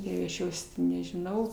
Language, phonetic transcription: Lithuanian, ˈjau aš ˈjos ti nežiˈnau

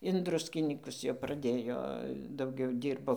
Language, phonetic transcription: Lithuanian, in ˈdruskinykus jau praˈdėjo dauˈgiau ˈdyrbo

